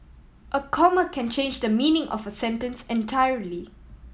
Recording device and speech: mobile phone (iPhone 7), read sentence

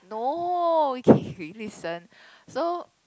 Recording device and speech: close-talking microphone, conversation in the same room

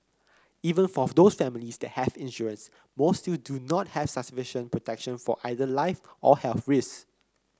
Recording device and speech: close-talking microphone (WH30), read sentence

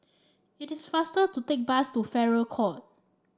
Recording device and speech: standing microphone (AKG C214), read sentence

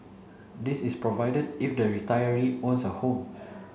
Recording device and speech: mobile phone (Samsung C7), read sentence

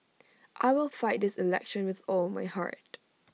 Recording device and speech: mobile phone (iPhone 6), read sentence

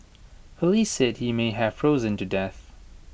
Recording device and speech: boundary microphone (BM630), read sentence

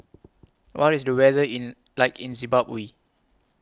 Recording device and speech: close-talking microphone (WH20), read sentence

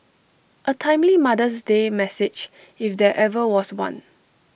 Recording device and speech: boundary microphone (BM630), read sentence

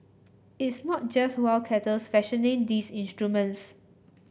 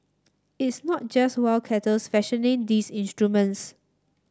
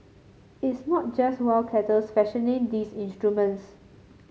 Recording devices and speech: boundary microphone (BM630), standing microphone (AKG C214), mobile phone (Samsung C7), read sentence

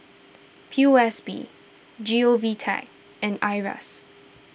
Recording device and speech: boundary microphone (BM630), read sentence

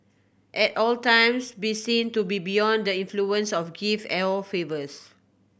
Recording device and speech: boundary microphone (BM630), read sentence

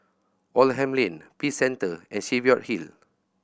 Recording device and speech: boundary microphone (BM630), read sentence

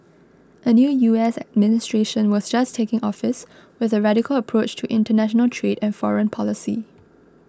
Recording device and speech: close-talking microphone (WH20), read sentence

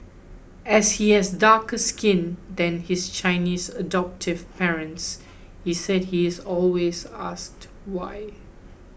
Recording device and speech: boundary microphone (BM630), read sentence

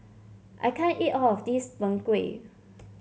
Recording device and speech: mobile phone (Samsung C7), read sentence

